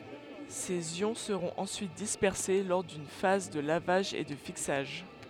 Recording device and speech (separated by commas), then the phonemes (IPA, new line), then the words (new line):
headset microphone, read sentence
sez jɔ̃ səʁɔ̃t ɑ̃syit dispɛʁse lɔʁ dyn faz də lavaʒ e də fiksaʒ
Ces ions seront ensuite dispersés lors d'une phase de lavage et de fixage.